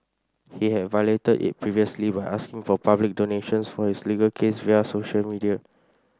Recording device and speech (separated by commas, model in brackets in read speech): standing microphone (AKG C214), read sentence